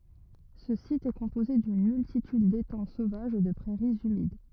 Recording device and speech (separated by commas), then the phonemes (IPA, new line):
rigid in-ear microphone, read sentence
sə sit ɛ kɔ̃poze dyn myltityd detɑ̃ sovaʒz e də pʁɛʁiz ymid